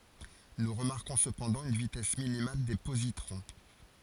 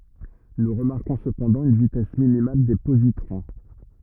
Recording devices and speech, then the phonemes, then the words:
forehead accelerometer, rigid in-ear microphone, read sentence
nu ʁəmaʁkɔ̃ səpɑ̃dɑ̃ yn vitɛs minimal de pozitʁɔ̃
Nous remarquons cependant une vitesse minimale des positrons.

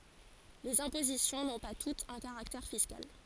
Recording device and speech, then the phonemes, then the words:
forehead accelerometer, read sentence
lez ɛ̃pozisjɔ̃ nɔ̃ pa tutz œ̃ kaʁaktɛʁ fiskal
Les impositions n’ont pas toutes un caractère fiscal.

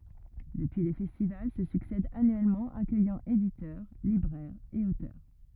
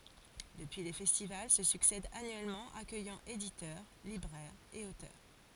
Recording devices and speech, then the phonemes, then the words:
rigid in-ear microphone, forehead accelerometer, read sentence
dəpyi le fɛstival sə syksɛdt anyɛlmɑ̃ akœjɑ̃ editœʁ libʁɛʁz e otœʁ
Depuis les festivals se succèdent annuellement, accueillant éditeurs, libraires et auteurs.

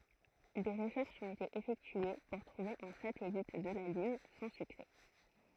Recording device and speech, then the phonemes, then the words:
throat microphone, read sentence
de ʁəʃɛʁʃz ɔ̃t ete efɛktye puʁ tʁuve œ̃ satɛlit də la lyn sɑ̃ syksɛ
Des recherches ont été effectuées pour trouver un satellite de la Lune, sans succès.

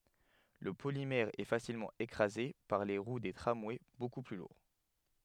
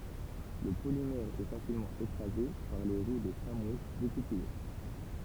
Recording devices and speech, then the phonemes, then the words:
headset microphone, temple vibration pickup, read sentence
lə polimɛʁ ɛə fasilmɑ̃ ekʁaze paʁ leə ʁwə deə tʁamwɛ boku ply luʁ
Le polymère est facilement écrasé par les roues des tramways beaucoup plus lourds.

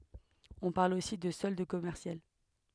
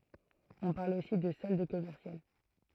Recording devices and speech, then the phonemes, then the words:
headset microphone, throat microphone, read sentence
ɔ̃ paʁl osi də sɔld kɔmɛʁsjal
On parle aussi de solde commercial.

